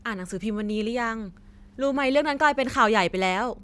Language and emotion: Thai, neutral